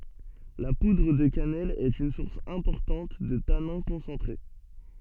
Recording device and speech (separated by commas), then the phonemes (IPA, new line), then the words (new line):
soft in-ear microphone, read sentence
la pudʁ də kanɛl ɛt yn suʁs ɛ̃pɔʁtɑ̃t də tanɛ̃ kɔ̃sɑ̃tʁe
La poudre de cannelle est une source importante de tanins concentrés.